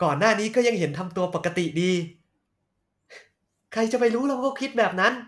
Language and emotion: Thai, frustrated